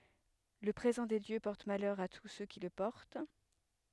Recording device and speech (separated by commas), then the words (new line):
headset microphone, read sentence
Le présent des dieux porte malheur à tous ceux qui le portent.